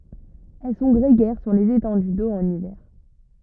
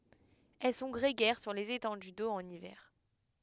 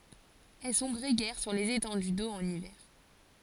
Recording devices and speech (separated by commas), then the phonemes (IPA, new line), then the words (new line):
rigid in-ear microphone, headset microphone, forehead accelerometer, read sentence
ɛl sɔ̃ ɡʁeɡɛʁ syʁ lez etɑ̃dy do ɑ̃n ivɛʁ
Elles sont grégaires sur les étendues d'eau en hiver.